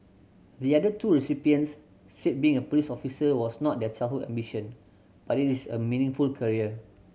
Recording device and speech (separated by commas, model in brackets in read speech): mobile phone (Samsung C7100), read sentence